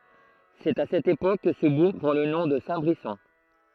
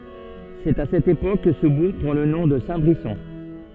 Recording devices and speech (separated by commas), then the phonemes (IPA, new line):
throat microphone, soft in-ear microphone, read sentence
sɛt a sɛt epok kə sə buʁ pʁɑ̃ lə nɔ̃ də sɛ̃tbʁisɔ̃